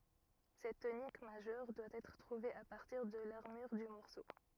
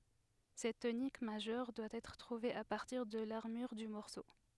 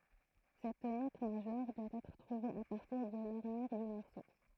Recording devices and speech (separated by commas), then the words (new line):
rigid in-ear microphone, headset microphone, throat microphone, read sentence
Cette tonique majeure doit être trouvée à partir de l'armure du morceau.